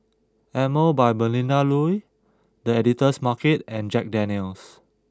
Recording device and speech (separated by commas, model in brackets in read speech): close-talking microphone (WH20), read sentence